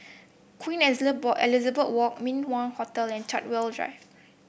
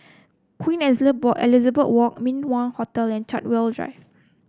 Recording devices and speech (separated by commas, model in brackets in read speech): boundary microphone (BM630), close-talking microphone (WH30), read sentence